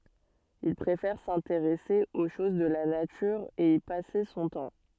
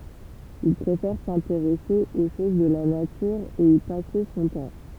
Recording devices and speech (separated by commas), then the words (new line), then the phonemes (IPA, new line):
soft in-ear microphone, temple vibration pickup, read sentence
Il préfère s’intéresser aux choses de la nature et y passer son temps.
il pʁefɛʁ sɛ̃teʁɛse o ʃoz də la natyʁ e i pase sɔ̃ tɑ̃